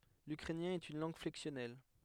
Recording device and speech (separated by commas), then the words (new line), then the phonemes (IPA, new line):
headset microphone, read sentence
L'ukrainien est une langue flexionnelle.
lykʁɛnjɛ̃ ɛt yn lɑ̃ɡ flɛksjɔnɛl